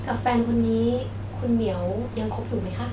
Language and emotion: Thai, neutral